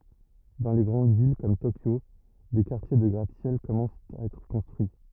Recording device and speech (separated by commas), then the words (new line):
rigid in-ear microphone, read sentence
Dans les grandes villes comme Tokyo, des quartiers de gratte-ciels commencent à être construits.